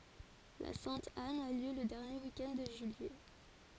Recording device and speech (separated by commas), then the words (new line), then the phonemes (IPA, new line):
forehead accelerometer, read sentence
La Sainte-Anne a lieu le dernier week-end de juillet.
la sɛ̃t an a ljø lə dɛʁnje wik ɛnd də ʒyijɛ